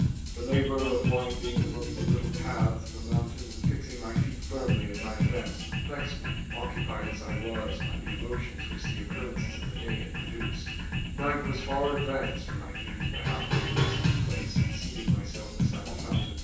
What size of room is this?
A spacious room.